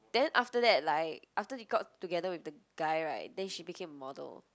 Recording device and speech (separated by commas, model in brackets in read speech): close-talking microphone, conversation in the same room